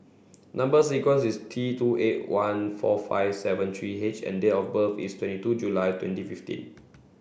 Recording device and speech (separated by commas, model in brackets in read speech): boundary microphone (BM630), read sentence